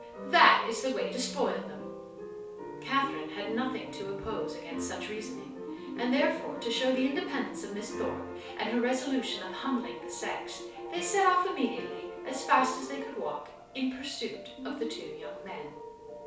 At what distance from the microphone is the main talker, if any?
3.0 m.